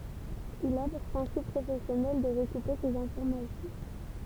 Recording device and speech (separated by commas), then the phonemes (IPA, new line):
temple vibration pickup, read sentence
il a puʁ pʁɛ̃sip pʁofɛsjɔnɛl də ʁəkupe sez ɛ̃fɔʁmasjɔ̃